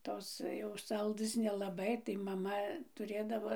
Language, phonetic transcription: Lithuanian, ˈtos jau ˈsaldɘs nelaˈbai tai maˈma tuˈrėdavo

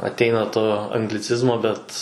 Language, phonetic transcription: Lithuanian, atˈeina to angliˈcizmo ˈbet

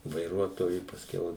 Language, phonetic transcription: Lithuanian, vaiˈruotoju pasˈkiau

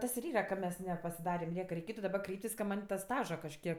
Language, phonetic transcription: Lithuanian, ˈtas ir ˈyra ka ˈmes nepasiˈdarem ˈnieka reiˈkėtu daˈba ˈkreiptis ka ˈman' ta ˈstaža kažˈkiek

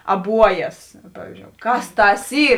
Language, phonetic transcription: Lithuanian, aˈbuojas ˈpavizdžiou ˈkas ˈtas ˈy

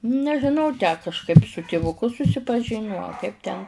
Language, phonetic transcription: Lithuanian, nežiˈnau tę kažˈkaip su tivuˈku susipaˈžiniu a ˈkaip ten

